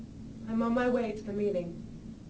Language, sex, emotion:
English
female
neutral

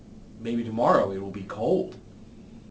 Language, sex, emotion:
English
male
neutral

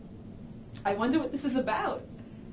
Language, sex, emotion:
English
female
happy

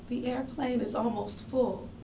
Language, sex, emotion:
English
female
sad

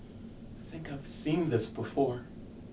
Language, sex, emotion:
English
male
fearful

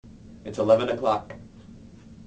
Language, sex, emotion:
English
male
neutral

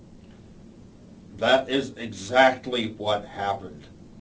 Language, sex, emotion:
English
male
angry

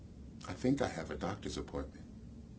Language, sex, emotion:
English
male
neutral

